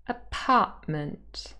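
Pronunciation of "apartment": In 'apartment', the t at the end of the second syllable is replaced by a little stop in the middle of the word, which makes the vowel sound almost a little bit sharper.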